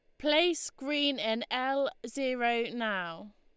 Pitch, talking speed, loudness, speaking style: 260 Hz, 115 wpm, -31 LUFS, Lombard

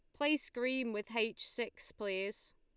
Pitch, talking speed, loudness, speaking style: 230 Hz, 155 wpm, -37 LUFS, Lombard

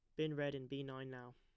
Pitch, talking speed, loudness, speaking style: 135 Hz, 315 wpm, -45 LUFS, plain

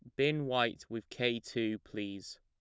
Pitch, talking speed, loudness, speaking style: 115 Hz, 165 wpm, -35 LUFS, plain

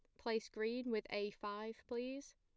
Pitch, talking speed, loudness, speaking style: 225 Hz, 165 wpm, -44 LUFS, plain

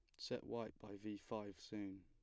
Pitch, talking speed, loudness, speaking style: 100 Hz, 200 wpm, -50 LUFS, plain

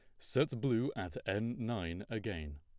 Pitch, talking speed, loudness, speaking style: 110 Hz, 150 wpm, -37 LUFS, plain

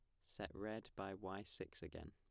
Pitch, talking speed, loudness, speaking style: 95 Hz, 195 wpm, -49 LUFS, plain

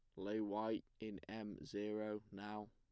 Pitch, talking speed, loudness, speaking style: 105 Hz, 145 wpm, -46 LUFS, plain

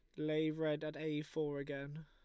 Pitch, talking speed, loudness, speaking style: 155 Hz, 195 wpm, -40 LUFS, Lombard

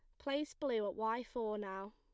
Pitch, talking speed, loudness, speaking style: 225 Hz, 205 wpm, -40 LUFS, plain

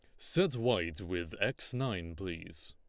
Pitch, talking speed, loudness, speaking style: 90 Hz, 145 wpm, -35 LUFS, Lombard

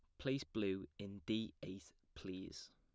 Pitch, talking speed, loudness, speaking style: 100 Hz, 140 wpm, -45 LUFS, plain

